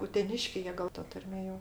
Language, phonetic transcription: Lithuanian, uteˈniškiai ˈjie ˈgal ta ˈtarmė jo

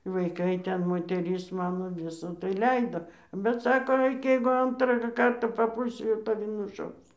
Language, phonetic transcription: Lithuanian, vaiˈkai ˈten moteˈris ˈmano ˈvisa tai ˈleido bet ˈsako ˈaik jeigu ˈantrą ˈkartą paˈpūlsi jau taˈvi nuˈšaus

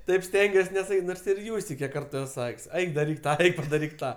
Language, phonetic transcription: Lithuanian, ˈtaip ˈstengiuos nesaˈkyt' ˈnors ir ˈjūstei ˈkiek ˈkartu ˈes ˈsak's' ˈeik daˈryk ˈtą ˈeik padaˈryk ˈtą

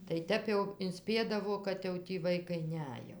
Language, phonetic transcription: Lithuanian, tai ˈtep jau inˈspiedavo kad ˈjau tį ˈvaikai ˈnej jau

